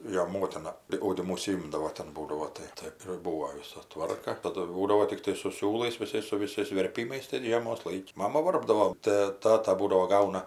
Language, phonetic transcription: Lithuanian, ˈjo ˈmotina tai audiˈmu užsiˈimdavo ˈten ˈbūdavo ˈtai tai ir ˈbūvo ˈvisa ˈtvarka taˈdu ˈbūdavo tikˈtai su ˈsiūlais viˈsais su viˈsais verˈpymais ten ˈžiemos ˈlaiki ˈmama ˈvarpdavo tɜ ˈtata ˈbūdavo ˈgauna

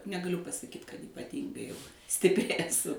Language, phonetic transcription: Lithuanian, negaˈliu pasaˈkyt kad ypaˈtyngai jau stipˈri eˈsu

